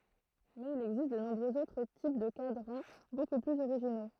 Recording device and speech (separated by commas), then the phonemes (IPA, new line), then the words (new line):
throat microphone, read sentence
mɛz il ɛɡzist də nɔ̃bʁøz otʁ tip də kadʁɑ̃ boku plyz oʁiʒino
Mais il existe de nombreux autres types de cadrans beaucoup plus originaux.